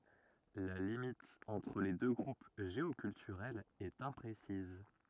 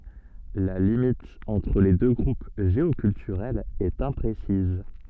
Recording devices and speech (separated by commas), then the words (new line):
rigid in-ear microphone, soft in-ear microphone, read sentence
La limite entre les deux groupes géoculturels est imprécise.